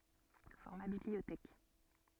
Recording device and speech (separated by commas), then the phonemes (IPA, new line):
soft in-ear microphone, read sentence
fɔʁma bibliotɛk